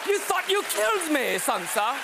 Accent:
English accent